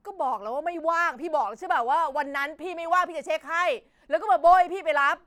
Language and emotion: Thai, angry